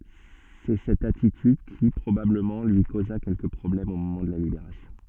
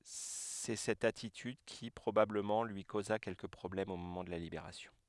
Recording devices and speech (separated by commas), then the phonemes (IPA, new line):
soft in-ear microphone, headset microphone, read sentence
sɛ sɛt atityd ki pʁobabləmɑ̃ lyi koza kɛlkə pʁɔblɛmz o momɑ̃ də la libeʁasjɔ̃